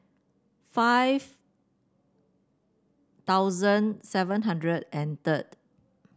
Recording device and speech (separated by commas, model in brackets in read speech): standing microphone (AKG C214), read sentence